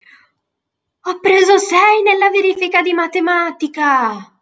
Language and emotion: Italian, surprised